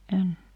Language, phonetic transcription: Finnish, 'en .
- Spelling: en

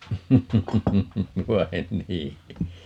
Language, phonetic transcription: Finnish, 'vai̮n "nii .
- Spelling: vai niin

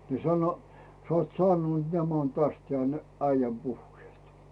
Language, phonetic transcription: Finnish, ni sano , (sᵒat saanun ńaman) täst 'jeä̀ny’̳ 'äijäm 'puhhⁱeet .
- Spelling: niin sano saat sanoa nämä on tästä jäänyt äijän puheet

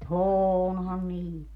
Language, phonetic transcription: Finnish, o"hooonhan niit .
- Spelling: onhan niitä

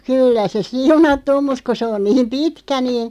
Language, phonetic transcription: Finnish, ᵊ- 'kyllä se "siunattu om mut ku 'se on 'niim "pitkä nii ,.
- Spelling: - kyllä se siunattu on mutta kun se on niin pitkä niin

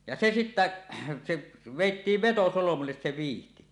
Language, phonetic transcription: Finnish, ja "se "sittä , 'se , 'vèittiiv "vetosolomulles se 'viihti .
- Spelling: ja se sitten se vedettiin vetosolmulle se vyyhti

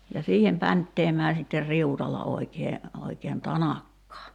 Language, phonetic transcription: Finnish, ja 'siihem 'päntteemää sitter "riutalla 'oikee , oikeen "tanakkaa .
- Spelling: ja siihen pänttäämään sitten riutalla oikein oikein tanakkaa

